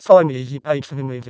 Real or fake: fake